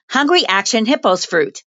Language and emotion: English, fearful